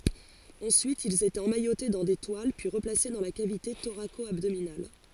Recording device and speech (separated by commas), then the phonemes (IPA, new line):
forehead accelerometer, read sentence
ɑ̃syit ilz etɛt ɑ̃majote dɑ̃ de twal pyi ʁəplase dɑ̃ la kavite toʁako abdominal